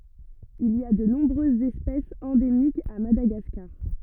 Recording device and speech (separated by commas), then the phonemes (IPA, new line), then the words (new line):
rigid in-ear microphone, read sentence
il i a də nɔ̃bʁøzz ɛspɛsz ɑ̃demikz a madaɡaskaʁ
Il y a de nombreuses espèces endémiques à Madagascar.